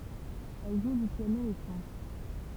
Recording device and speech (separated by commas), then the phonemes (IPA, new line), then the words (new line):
temple vibration pickup, read sentence
ɛl ʒu dy pjano e ʃɑ̃t
Elle joue du piano et chante.